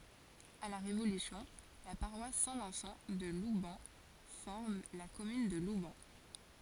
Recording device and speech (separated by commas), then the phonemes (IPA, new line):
forehead accelerometer, read sentence
a la ʁevolysjɔ̃ la paʁwas sɛ̃ vɛ̃sɑ̃ də lubɛn fɔʁm la kɔmyn də lubɛn